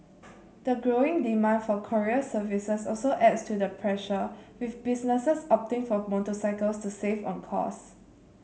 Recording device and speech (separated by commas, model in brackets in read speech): mobile phone (Samsung C7), read sentence